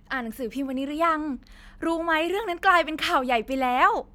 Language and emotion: Thai, happy